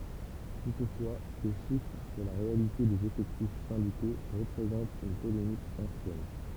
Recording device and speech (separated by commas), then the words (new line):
temple vibration pickup, read sentence
Toutefois ces chiffres sur la réalité des effectifs syndicaux représente une polémique ancienne.